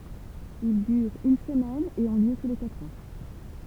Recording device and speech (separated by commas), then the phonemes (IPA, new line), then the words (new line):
temple vibration pickup, read sentence
il dyʁt yn səmɛn e ɔ̃ ljø tu le katʁ ɑ̃
Ils durent une semaine et ont lieu tous les quatre ans.